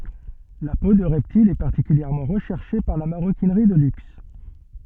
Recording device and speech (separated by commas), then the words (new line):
soft in-ear microphone, read sentence
La peau de reptiles est particulièrement recherchée par la maroquinerie de luxe.